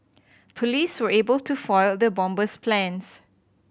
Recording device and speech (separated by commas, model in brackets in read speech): boundary microphone (BM630), read sentence